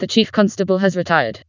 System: TTS, vocoder